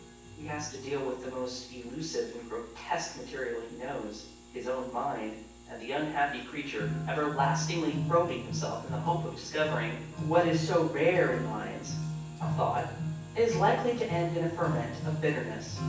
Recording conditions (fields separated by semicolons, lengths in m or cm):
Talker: one person; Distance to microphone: 9.8 m; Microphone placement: far; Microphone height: 1.8 m; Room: large; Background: music